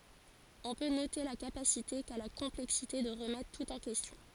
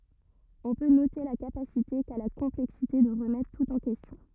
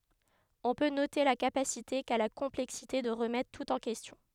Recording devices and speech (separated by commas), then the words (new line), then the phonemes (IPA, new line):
forehead accelerometer, rigid in-ear microphone, headset microphone, read sentence
On peut noter la capacité qu'a la complexité de remettre tout en question.
ɔ̃ pø note la kapasite ka la kɔ̃plɛksite də ʁəmɛtʁ tut ɑ̃ kɛstjɔ̃